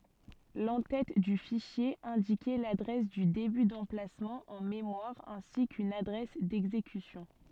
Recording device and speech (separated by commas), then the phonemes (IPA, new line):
soft in-ear microphone, read sentence
lɑ̃ tɛt dy fiʃje ɛ̃dikɛ ladʁɛs dy deby dɑ̃plasmɑ̃ ɑ̃ memwaʁ ɛ̃si kyn adʁɛs dɛɡzekysjɔ̃